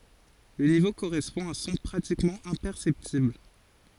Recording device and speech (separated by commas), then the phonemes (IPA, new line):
forehead accelerometer, read sentence
lə nivo koʁɛspɔ̃ a œ̃ sɔ̃ pʁatikmɑ̃ ɛ̃pɛʁsɛptibl